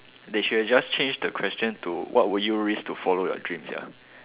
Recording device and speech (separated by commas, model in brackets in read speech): telephone, conversation in separate rooms